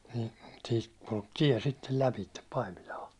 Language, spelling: Finnish, niin siitä kulki tie sitten läpi Paimilaan
- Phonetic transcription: nii , siit kulk "tiɛ sittel 'läpittep 'Paimilaa .

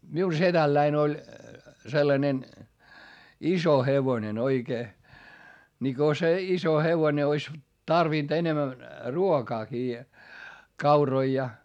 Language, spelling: Finnish, minun sedälläni oli sellainen iso hevonen oikein niin kun se iso hevonen olisi tarvinnut enemmän ruokaakin kauroja ja
- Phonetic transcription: miu setälläin ‿oĺ , sellanen , iso hevonen ‿oikee , ni ko se iso hevone ois , tarvìnt enemän , ruokaakii , kauroi ja .

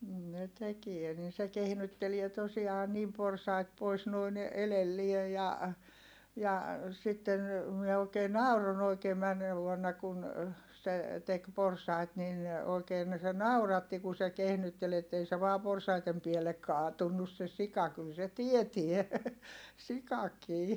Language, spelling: Finnish, niin ne tekee niin se kehnyttelee tosiaan niin porsaita pois noin edelle ja ja sitten minä oikein nauroin oikein menneenä vuonna kun se teki porsaita niin oikein se nauratti kun se kehnytteli että ei se vain porsaiden päälle kaatunut se sika kyllä se tietää sikakin
- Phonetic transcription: nin ne tekie nin̬ se kehnyttelie tosi₍aa niim porsait pois noin , elellie ja , ja , sitten , mie òikee nàuron ‿oikee männee vuonna kun , se , tek porsait nin , oikeen se nauratti ku se kehnyttel ‿ettei se vaa porsaitem piellek kaatunnus se sika kyl se tietie , sikakii .

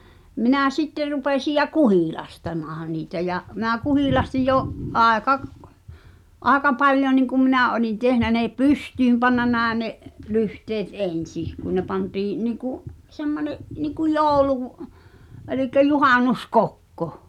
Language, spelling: Finnish, minä sitten rupesin ja kuhilastamaan niitä ja minä kuhilastin jo aika - aika paljon niin kuin minä olin tehnyt ne pystyyn pannut näin ne lyhteet ensin kun ne pantiin niin kuin semmoinen niin kuin joulu eli juhannuskokko
- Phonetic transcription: 'minä̀ "sitter rupèsij̆ ja "kuhìlastamaah̳a̳ niitä ja , meⁿä 'kuhìlastij̆ jo’ , '’àeka k- , ’àeka 'paĺjo niŋkum 'minä̀ olin 'tehnä nè "pystyym panna 'nä̀e ne’ , 'lyhteet "’en̬sih , kun ne pantiiⁱ̰ , niiku’ , 'semmone’ , niku "jooᵘlù- , elik̆kä 'juhànus"kokko .

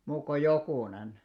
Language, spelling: Finnish, muut kuin jokunen
- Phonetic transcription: 'muuk ko 'jokùnen .

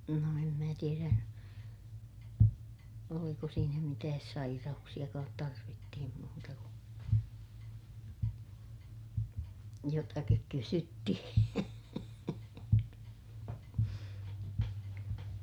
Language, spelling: Finnish, no en minä tiedä oliko siinä mitään sairauksiakaan tarvittiin muuta kuin jotakin kysyttiin
- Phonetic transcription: no em mää tierä , oliko siinä mitääs saira₍uksiʲakaat - tarvittihim muuta kun , jotakik kysyttihiḭ .

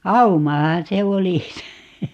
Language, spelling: Finnish, aumahan se oli se
- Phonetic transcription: "aumahaa̰ 'se "oli se .

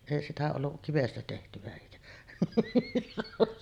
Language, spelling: Finnish, ei sitä ollut kivestä tehtyä eikä
- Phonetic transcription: èi sitä ollu’ , kivestä tehtyᵛä èikä ,.

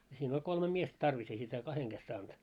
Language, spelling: Finnish, siinä oli kolme miestä tarvis ei sitä kahden kesken saanut
- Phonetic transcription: siin ‿oĺ 'kolme miest "tarvis ei sitä 'kaheŋ ɢes saant .

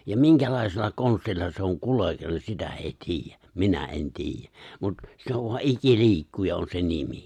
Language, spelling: Finnish, ja minkälaisella konstilla se on kuljetettu sitä ei tiedä minä en tiedä mutta se on vaan ikiliikkuja on se nimi
- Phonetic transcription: ja "miŋkälai̬sella 'konstilla se oŋ 'kule(teltu) "sitä ei "tiijjä , "minä '’en "tiijjä , mut 'se ov va 'iki'l̜i̬ikkuja on se 'nimi .

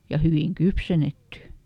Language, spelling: Finnish, ja hyvin kypsennetty
- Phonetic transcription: ja ˈhyviŋ "kypsennetty !

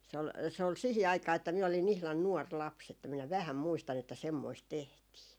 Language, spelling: Finnish, se oli se oli siihen aikaan että minä olin ihan nuori lapsi että minä vähän muistan että semmoista tehtiin
- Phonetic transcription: s ‿ol , 'se ol 'sihi 'aikaa että miä olin ihlan "nuɔr 'laps että minä "vähäm 'muistan ‿että 'semmoist "tehtii .

